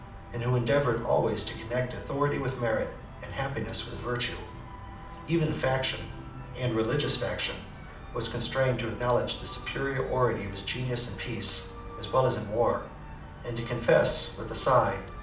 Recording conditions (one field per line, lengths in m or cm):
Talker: one person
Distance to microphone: 2.0 m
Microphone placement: close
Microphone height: 99 cm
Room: medium-sized (5.7 m by 4.0 m)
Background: music